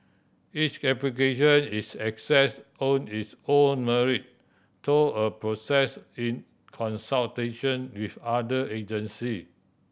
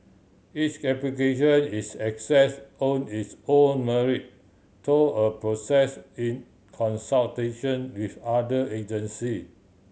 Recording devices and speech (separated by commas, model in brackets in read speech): boundary microphone (BM630), mobile phone (Samsung C7100), read sentence